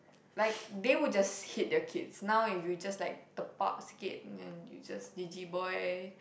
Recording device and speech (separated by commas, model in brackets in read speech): boundary microphone, conversation in the same room